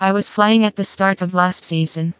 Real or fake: fake